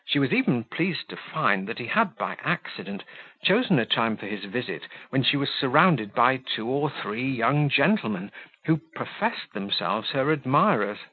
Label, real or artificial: real